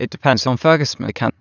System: TTS, waveform concatenation